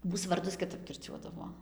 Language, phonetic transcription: Lithuanian, ˈmūs varˈdus kiˈtap kirˈčiuodavo

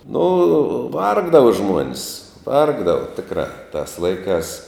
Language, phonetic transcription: Lithuanian, nu ˈvargdava ˈžmuon's ˈvargdava ˈtikrā tas ˈlaikās

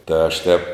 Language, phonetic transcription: Lithuanian, tai aš ˈtep

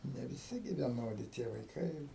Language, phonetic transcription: Lithuanian, ne viˈsi gi vieˈnodi tie vaiˈkai ir

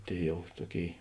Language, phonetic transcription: Lithuanian, ˈtėi ˈjau ˈtuoˌkėi

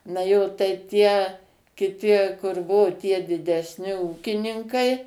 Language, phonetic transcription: Lithuanian, na ˈjo tai ˈtie kiˈti kur ˈbuo tie didesˈni ˈūkininkai

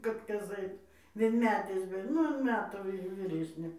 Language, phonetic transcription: Lithuanian, ˈkad ˈkas ˈait vienˈmetės bet ˈnu an ˈmetų ˈvy vyˈresnė

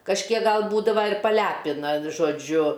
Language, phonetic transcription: Lithuanian, kažˈkiek ˈgal ˈbūdava ir paˈlæpina žoˈdžiu

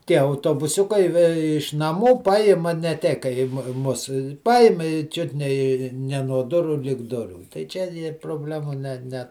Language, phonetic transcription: Lithuanian, ˈtie autobuˈsiukai ve iš naˈmų ˈpajima ne ˈtei kai i ˈmu ˈmus ˈpajim i ˈčiut ne i ˈne nuo ˈdurų lig ˈdurių tai ˈčia ir proˈblemų ˈne ˈne

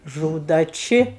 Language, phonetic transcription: Lithuanian, ˈžūda ˈči

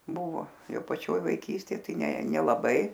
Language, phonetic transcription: Lithuanian, ˈbuvo ˈjau paˈčioj vaiˈkystėj ˈtai ˈne nelaˈbai

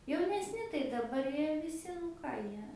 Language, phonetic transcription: Lithuanian, jaunesˈni tai daˈbar ˈjie viˈsi ˈką ˈjie

